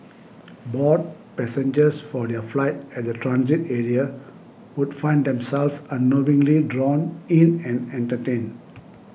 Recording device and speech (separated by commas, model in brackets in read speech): boundary microphone (BM630), read sentence